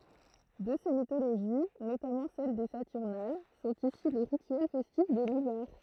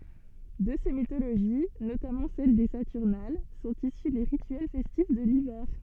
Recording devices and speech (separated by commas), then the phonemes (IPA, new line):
throat microphone, soft in-ear microphone, read sentence
də se mitoloʒi notamɑ̃ sɛl de satyʁnal sɔ̃t isy le ʁityɛl fɛstif də livɛʁ